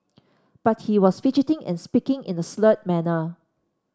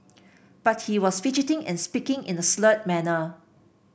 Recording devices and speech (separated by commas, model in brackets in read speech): standing microphone (AKG C214), boundary microphone (BM630), read sentence